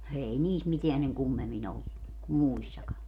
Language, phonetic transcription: Finnish, 'ei "niis 'miteän seŋ "kummem̆min ‿ollu , kum "muissaka .
- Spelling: ei niissä mitään sen kummemmin ollut kuin muissakaan

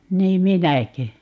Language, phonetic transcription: Finnish, 'niim "minäkö ?
- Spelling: niin minäkö

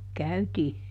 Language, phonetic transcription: Finnish, "käytii .
- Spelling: käytiin

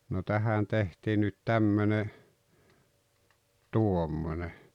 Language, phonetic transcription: Finnish, no "tähän 'tehtii nyt "tämmöne , "tuommone .
- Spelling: no tähän tehtiin nyt tämmöinen tuommoinen

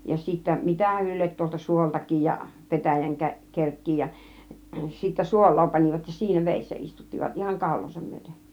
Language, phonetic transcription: Finnish, ja sittä "mitähän ne liet tuolta "suoltak̆kiij ja 'petäjäŋ 'kär- , "kerk̀kii ja sittä "suol̆loo 'pan͕ivat ja 'siinä "vèissä 'istuttivat , 'ihaŋ "kàul̆loosam myöten .
- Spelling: ja sitten mitähän ne lie tuolta suoltakin ja petäjän - kerkkiä ja sitten suolaa panivat ja siinä vedessä istuttivat ihan kaulaansa myöten

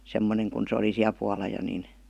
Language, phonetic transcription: Finnish, 'semmoneŋ kun se oli 'siäl puala jo nin .
- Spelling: semmoinen kun se oli siellä puolella jo niin

